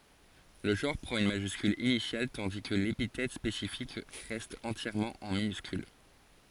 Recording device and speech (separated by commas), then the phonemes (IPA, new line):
forehead accelerometer, read sentence
lə ʒɑ̃ʁ pʁɑ̃t yn maʒyskyl inisjal tɑ̃di kə lepitɛt spesifik ʁɛst ɑ̃tjɛʁmɑ̃ ɑ̃ minyskyl